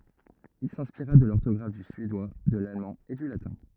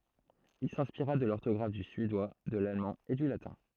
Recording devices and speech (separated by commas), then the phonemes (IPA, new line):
rigid in-ear microphone, throat microphone, read sentence
il sɛ̃spiʁa də lɔʁtɔɡʁaf dy syedwa də lalmɑ̃ e dy latɛ̃